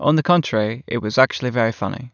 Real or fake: real